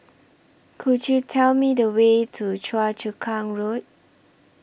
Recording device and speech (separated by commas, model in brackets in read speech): boundary microphone (BM630), read sentence